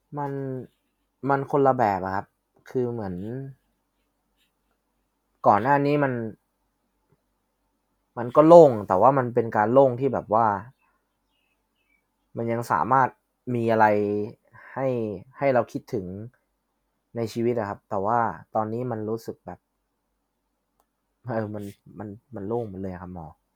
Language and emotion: Thai, frustrated